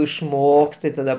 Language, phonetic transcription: Lithuanian, išˈmokst tai taˈda

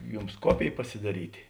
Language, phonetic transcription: Lithuanian, ˈjums ˈkopėj pasiˈdaryti

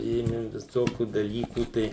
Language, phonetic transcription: Lithuanian, ˈėmi viˈsokių daˈlykų ˈtai

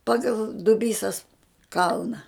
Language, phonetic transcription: Lithuanian, ˈpagal duˈbysas ˈkalna

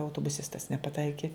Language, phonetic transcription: Lithuanian, autobuˈsistas nepaˈtaiki

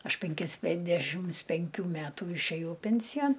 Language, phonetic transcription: Lithuanian, ˈaš penˈkis ˈpendešims penˈkių ˈmetų išˈėjau ˈpensijan

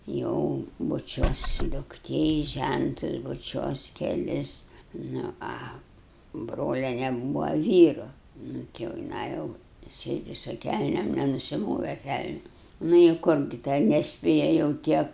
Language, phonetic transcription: Lithuanian, ˈjau buˈčiuos dukˈtė i ˈžæntus buˈčiuos keˈlis ˈnu ˈa ˈbroliene ˈbūva ˈvyru ˈnu ti jau jiˈnai ˈjau ˈsėdi su ˈkælnėm nenusiˈmove ˈkælniu ˈnu i ˈkur gi ˈten nesˈpėja jau ˈtie

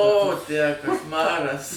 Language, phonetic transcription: Lithuanian, o tę kašˈmaras

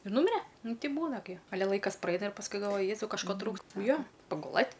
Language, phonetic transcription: Lithuanian, ir ˈnumire ˈnu ˈtei ˈbūna gi aˈle ˈlaikas praˈeina ir pasˈkui galˈvoji ˈjezau kažˈko ˈtrūks ˈjo paguˈlɘt'

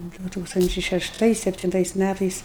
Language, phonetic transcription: Lithuanian, ˈdu ˈtūkstančiai šešˈtais septinˈtais ˈmætais

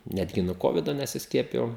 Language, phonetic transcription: Lithuanian, ˈnetgi nu ˈkovido nesisˈkiepijau

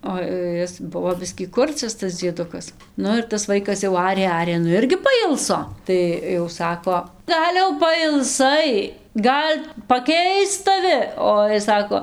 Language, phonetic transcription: Lithuanian, o ˈis ˈbuvo ˈbiskį ˈkurcias ˈtas dzieˈdukas ˈnu ir tas ˈvaikas jau ˈarė ˈarė ˈnu ˈirgi paˈilso ˈtai jau ˈsako ˈgal' jau pailˈsai ˈgal' paˈkeist taˈvi ˈo jis ˈsako

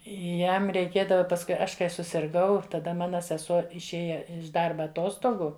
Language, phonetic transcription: Lithuanian, ˈjam reiˈkėdava pasˈkui ˈaš kai susirˈgau taˈda ˈmana seˈsuo išˈėja iš ˈdarba aˈtostogu

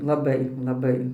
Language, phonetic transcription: Lithuanian, laˈbai laˈbai

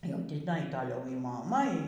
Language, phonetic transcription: Lithuanian, jau tiˈnai toˈliau y moˈma y

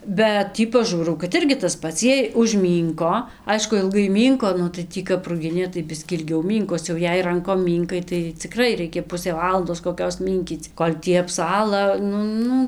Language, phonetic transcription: Lithuanian, bet ˈtį paˈžūrau kad ˈirgi tas ˈpats ˈjiej užˈmynko ˈaišku ilˈgai ˈmynko ˈnu tai ˈtį kap ruˈginė tai ˈbiskį ilˈgiau ˈmynkos jau ˈjei ˈrankom ˈmynkai tai ciˈkrai ˈreikia ˈpusė ˈvalandos koˈkios ˈmynkyc ˈkol' ˈtį apˈsala ˈnu ˈnu

